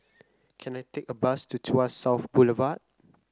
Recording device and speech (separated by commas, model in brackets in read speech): close-talking microphone (WH30), read sentence